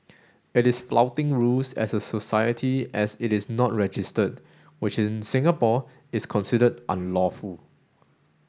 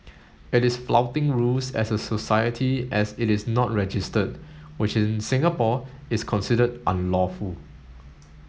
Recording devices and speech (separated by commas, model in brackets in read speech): standing microphone (AKG C214), mobile phone (Samsung S8), read sentence